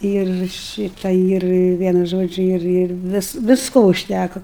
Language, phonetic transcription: Lithuanian, ir ˈšyta ir ˈvienu ˈžodžiu ˈir ˈir ˈvis visˈko užˈtæko

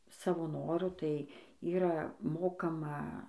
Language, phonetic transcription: Lithuanian, ˈsavo ˈnoru ˈtai ˈyra ˈmokama

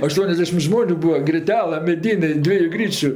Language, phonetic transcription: Lithuanian, aˈštuoniasdešim ˈžmoniu ˈbūa griˈtelɜ meˈdynė ˈdvieju ˈgryčiu

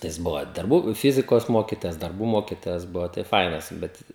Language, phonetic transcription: Lithuanian, tai ˈjis ˈbuvo darˈbų ˈfizikos ˈmokitojas darˈbų ˈmokitojas ˈbuvo tai ˈfainas ˈbet

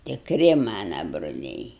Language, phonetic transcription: Lithuanian, tikˈri ˈmana bruˈliai

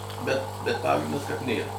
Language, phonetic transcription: Lithuanian, bet bet ˈpagrindas kad ˈnėra

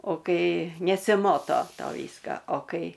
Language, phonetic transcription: Lithuanian, o ˈkai nesiˈmoto ˈto ˈvyska o ˈkai

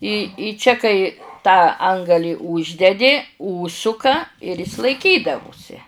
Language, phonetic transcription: Lithuanian, i i ˈčia kai tą ˈangalį ˈūždedi ˈūžsuka ir ˈis laiˈkydavusi

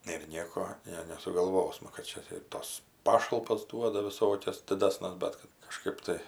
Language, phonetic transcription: Lithuanian, ir ˈnieko ˈne nesugalˈvosma kad ˈčia tai ir ˈtas ˈpašalpas ˈduoda viˈsokias diˈdasnes ˈbet kad kaˈžkaip tai

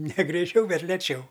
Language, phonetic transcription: Lithuanian, ne greiˈčiau ˈbet leˈčiau

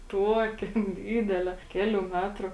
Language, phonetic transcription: Lithuanian, ˈtuokė ˈdydelė ˈkelių ˈmetrų

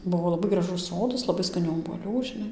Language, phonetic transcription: Lithuanian, ˈbuvo laˈbai graˈžus ˈsodas laˈbai skaˈnių obuoˈlių žiˈnai

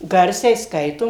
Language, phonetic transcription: Lithuanian, ˈgarsiai ˈskaitom

